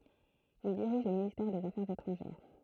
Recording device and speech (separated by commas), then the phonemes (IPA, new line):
throat microphone, read sentence
il diʁiʒ lə ministɛʁ dez afɛʁz etʁɑ̃ʒɛʁ